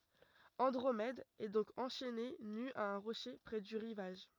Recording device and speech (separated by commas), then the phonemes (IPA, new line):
rigid in-ear microphone, read sentence
ɑ̃dʁomɛd ɛ dɔ̃k ɑ̃ʃɛne ny a œ̃ ʁoʃe pʁɛ dy ʁivaʒ